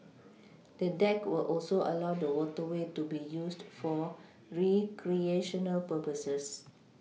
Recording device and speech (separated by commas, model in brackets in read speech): mobile phone (iPhone 6), read sentence